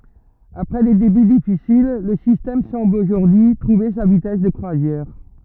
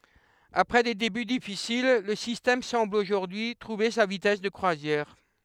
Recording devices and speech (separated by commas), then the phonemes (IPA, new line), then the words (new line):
rigid in-ear microphone, headset microphone, read sentence
apʁɛ de deby difisil lə sistɛm sɑ̃bl oʒuʁdyi y tʁuve sa vitɛs də kʁwazjɛʁ
Après des débuts difficiles, le système semble aujourd'hui trouver sa vitesse de croisière.